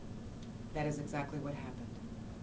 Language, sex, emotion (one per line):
English
female
neutral